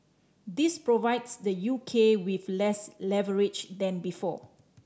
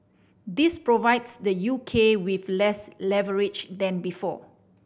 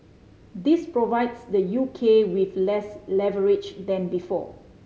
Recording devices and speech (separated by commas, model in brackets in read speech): standing microphone (AKG C214), boundary microphone (BM630), mobile phone (Samsung C5010), read sentence